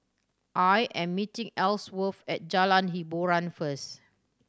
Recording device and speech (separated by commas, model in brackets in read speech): standing microphone (AKG C214), read sentence